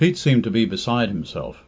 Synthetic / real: real